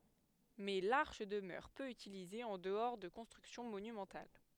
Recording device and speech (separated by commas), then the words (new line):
headset microphone, read sentence
Mais l'arche demeure peu utilisée en-dehors de constructions monumentales.